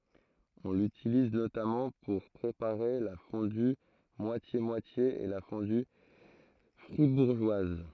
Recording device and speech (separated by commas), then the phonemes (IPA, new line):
throat microphone, read sentence
ɔ̃ lytiliz notamɑ̃ puʁ pʁepaʁe la fɔ̃dy mwasjemwatje e la fɔ̃dy fʁibuʁʒwaz